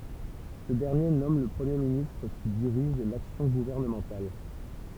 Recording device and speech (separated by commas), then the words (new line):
temple vibration pickup, read sentence
Ce dernier nomme le Premier ministre qui dirige l'action gouvernementale.